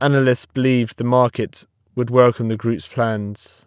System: none